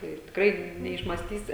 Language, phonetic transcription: Lithuanian, ˈir tikˈrai neišmąsˈtysi

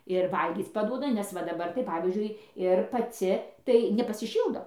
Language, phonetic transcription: Lithuanian, ir ˈvalgyc paˈduoda nes ˈva daˈbar tai ˈpavyzdžiui ir paˈci tai nepasiˈšyldo

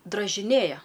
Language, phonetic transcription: Lithuanian, dražiˈnėja

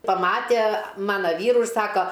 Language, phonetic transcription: Lithuanian, paˈmatie ˈmana ˈvyru ir ˈsako

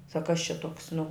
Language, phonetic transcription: Lithuanian, sak kas čia ˈtuoks nu

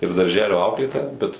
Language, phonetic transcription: Lithuanian, ir darˈželio ˈauklėtoja bet

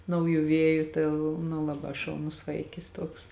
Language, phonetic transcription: Lithuanian, ˈnauˌjų ˈvieju ˈtai l nu ˈlaˌbā šauˈnus ˈvaikis ˈtuoks

